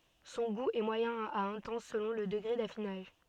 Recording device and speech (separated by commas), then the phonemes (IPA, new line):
soft in-ear microphone, read sentence
sɔ̃ ɡu ɛ mwajɛ̃ a ɛ̃tɑ̃s səlɔ̃ lə dəɡʁe dafinaʒ